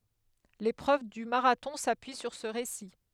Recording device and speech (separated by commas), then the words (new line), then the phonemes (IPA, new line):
headset microphone, read sentence
L'épreuve du marathon s'appuie sur ce récit.
lepʁøv dy maʁatɔ̃ sapyi syʁ sə ʁesi